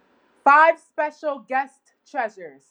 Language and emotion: English, neutral